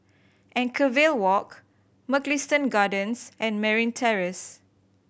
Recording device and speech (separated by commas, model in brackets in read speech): boundary microphone (BM630), read sentence